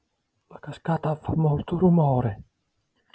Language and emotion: Italian, fearful